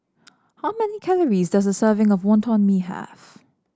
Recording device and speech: standing microphone (AKG C214), read sentence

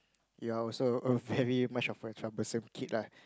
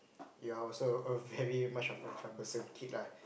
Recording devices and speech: close-talking microphone, boundary microphone, conversation in the same room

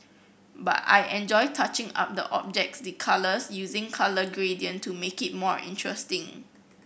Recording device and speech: boundary microphone (BM630), read sentence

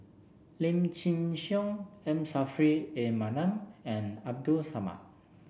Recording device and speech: boundary microphone (BM630), read sentence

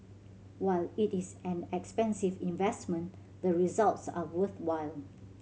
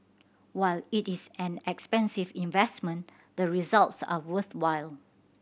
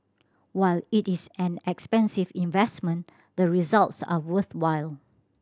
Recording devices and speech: mobile phone (Samsung C7100), boundary microphone (BM630), standing microphone (AKG C214), read sentence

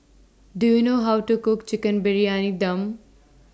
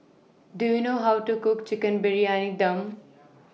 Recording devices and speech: standing microphone (AKG C214), mobile phone (iPhone 6), read sentence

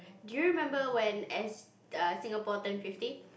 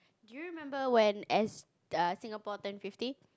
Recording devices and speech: boundary microphone, close-talking microphone, conversation in the same room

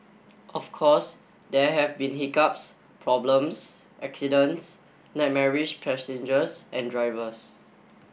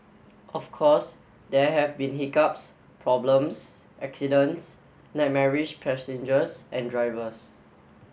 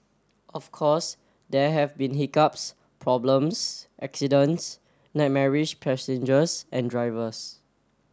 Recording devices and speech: boundary microphone (BM630), mobile phone (Samsung S8), standing microphone (AKG C214), read sentence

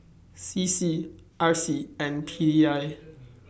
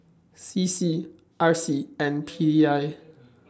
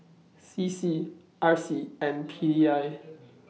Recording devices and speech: boundary microphone (BM630), standing microphone (AKG C214), mobile phone (iPhone 6), read sentence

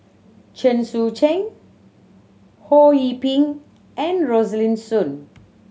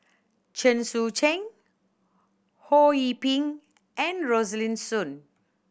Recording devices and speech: mobile phone (Samsung C7100), boundary microphone (BM630), read sentence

